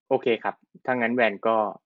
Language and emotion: Thai, neutral